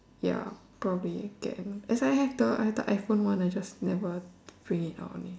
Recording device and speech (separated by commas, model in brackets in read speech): standing microphone, conversation in separate rooms